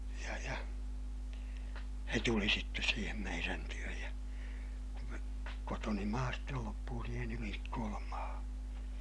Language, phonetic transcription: Finnish, ja ja , se tuli sittes siihem meirän työj ja , kotoni maa stel loppuu siihen ‿Ylinikkoolam maahaa̰ .
- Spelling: ja ja se tuli sitten siihen meidän tykö ja kotoni maa sitten loppui siihen Ylinikkolan maahan

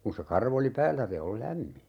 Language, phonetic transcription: Finnish, kun̬ se 'karv ‿oli "päällä 'se ol "lämmi .
- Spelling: kun se karva oli päällä se on lämmin

